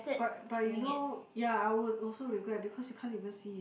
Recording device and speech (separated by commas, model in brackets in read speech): boundary microphone, conversation in the same room